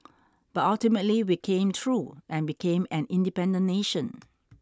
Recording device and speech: standing microphone (AKG C214), read sentence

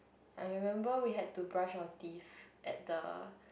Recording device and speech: boundary microphone, conversation in the same room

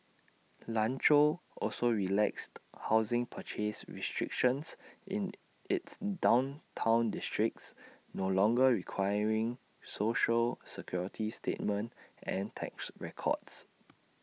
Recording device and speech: mobile phone (iPhone 6), read sentence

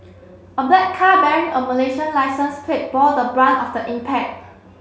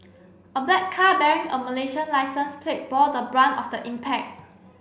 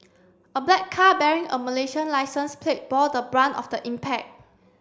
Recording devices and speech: mobile phone (Samsung C7), boundary microphone (BM630), standing microphone (AKG C214), read sentence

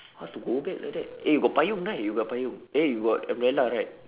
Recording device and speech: telephone, conversation in separate rooms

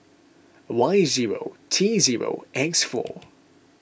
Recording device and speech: boundary microphone (BM630), read sentence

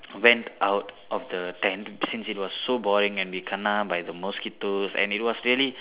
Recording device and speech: telephone, conversation in separate rooms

